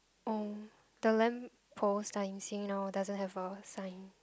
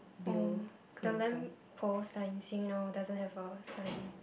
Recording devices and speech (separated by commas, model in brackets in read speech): close-talking microphone, boundary microphone, conversation in the same room